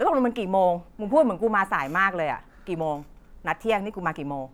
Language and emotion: Thai, angry